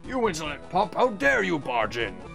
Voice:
deep voice